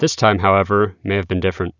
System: none